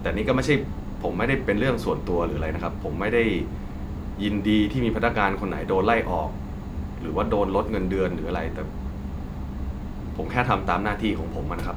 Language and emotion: Thai, frustrated